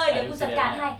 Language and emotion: Thai, neutral